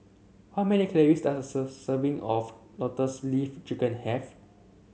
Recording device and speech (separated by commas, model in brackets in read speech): mobile phone (Samsung C7), read sentence